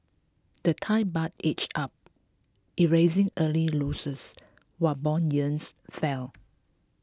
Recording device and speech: close-talking microphone (WH20), read sentence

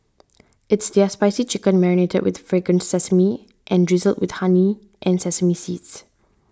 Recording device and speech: standing microphone (AKG C214), read sentence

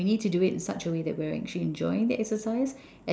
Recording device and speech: standing microphone, conversation in separate rooms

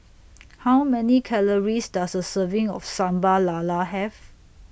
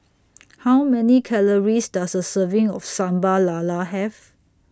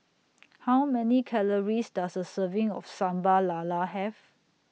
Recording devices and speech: boundary microphone (BM630), standing microphone (AKG C214), mobile phone (iPhone 6), read sentence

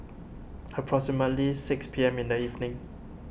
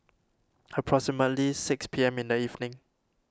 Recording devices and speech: boundary microphone (BM630), standing microphone (AKG C214), read sentence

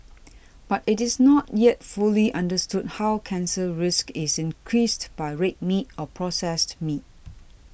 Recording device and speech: boundary microphone (BM630), read sentence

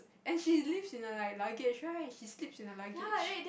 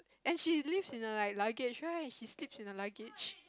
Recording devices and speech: boundary microphone, close-talking microphone, conversation in the same room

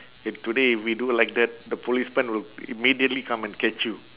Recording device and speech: telephone, conversation in separate rooms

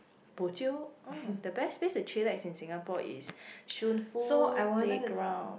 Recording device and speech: boundary microphone, conversation in the same room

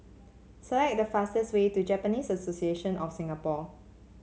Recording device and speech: mobile phone (Samsung C7), read sentence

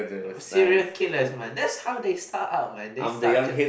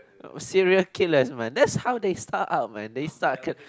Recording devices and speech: boundary microphone, close-talking microphone, conversation in the same room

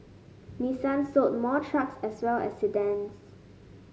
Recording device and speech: mobile phone (Samsung S8), read sentence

